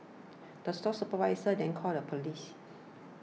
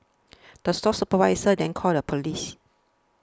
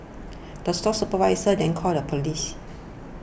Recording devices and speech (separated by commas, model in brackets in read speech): mobile phone (iPhone 6), standing microphone (AKG C214), boundary microphone (BM630), read sentence